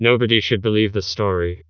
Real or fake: fake